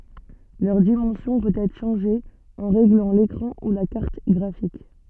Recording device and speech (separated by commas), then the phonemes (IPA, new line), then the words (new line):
soft in-ear microphone, read sentence
lœʁ dimɑ̃sjɔ̃ pøt ɛtʁ ʃɑ̃ʒe ɑ̃ ʁeɡlɑ̃ lekʁɑ̃ u la kaʁt ɡʁafik
Leur dimension peut être changée en réglant l'écran ou la carte graphique.